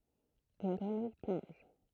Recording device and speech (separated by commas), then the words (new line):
throat microphone, read sentence
Une grenouille plonge.